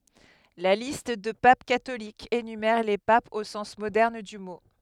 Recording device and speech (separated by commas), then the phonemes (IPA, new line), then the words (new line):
headset microphone, read sentence
la list də pap katolikz enymɛʁ le papz o sɑ̃s modɛʁn dy mo
La liste de papes catholiques énumère les papes au sens moderne du mot.